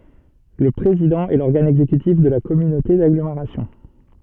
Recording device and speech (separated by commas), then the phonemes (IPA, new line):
soft in-ear microphone, read sentence
lə pʁezidɑ̃ ɛ lɔʁɡan ɛɡzekytif də la kɔmynote daɡlomeʁasjɔ̃